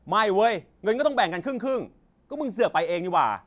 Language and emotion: Thai, angry